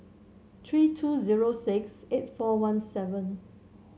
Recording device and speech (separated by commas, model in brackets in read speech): mobile phone (Samsung C7), read sentence